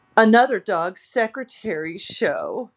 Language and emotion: English, sad